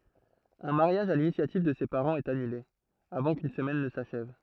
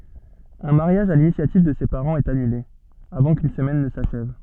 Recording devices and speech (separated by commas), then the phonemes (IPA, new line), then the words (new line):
throat microphone, soft in-ear microphone, read sentence
œ̃ maʁjaʒ a linisjativ də se paʁɑ̃z ɛt anyle avɑ̃ kyn səmɛn nə saʃɛv
Un mariage à l’initiative de ses parents est annulé, avant qu’une semaine ne s’achève.